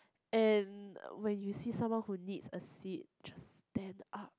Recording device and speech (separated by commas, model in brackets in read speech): close-talking microphone, conversation in the same room